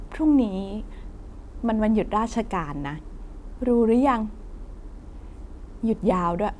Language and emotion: Thai, frustrated